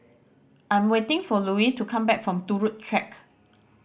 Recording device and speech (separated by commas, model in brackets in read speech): boundary microphone (BM630), read sentence